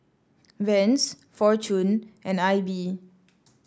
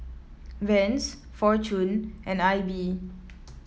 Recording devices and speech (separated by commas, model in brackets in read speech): standing microphone (AKG C214), mobile phone (iPhone 7), read sentence